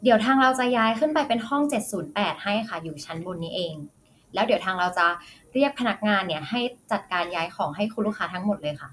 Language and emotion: Thai, neutral